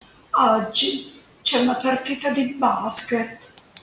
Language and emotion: Italian, sad